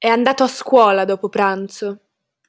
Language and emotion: Italian, angry